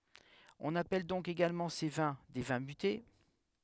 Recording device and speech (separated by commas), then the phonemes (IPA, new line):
headset microphone, read sentence
ɔ̃n apɛl dɔ̃k eɡalmɑ̃ se vɛ̃ de vɛ̃ myte